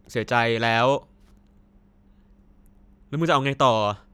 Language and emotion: Thai, frustrated